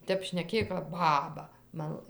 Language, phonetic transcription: Lithuanian, ˈtep šneˈkėj kap ˈbaba ˈman

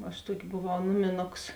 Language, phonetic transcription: Lithuanian, aš ˈtuoki boˈvau ˈnumiˌnoks

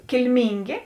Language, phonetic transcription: Lithuanian, kilˈmyngė

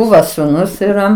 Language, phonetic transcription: Lithuanian, ˈbūva suˈnus yˈra

